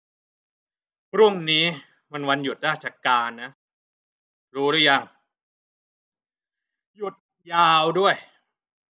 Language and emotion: Thai, frustrated